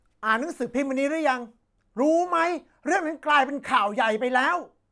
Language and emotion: Thai, angry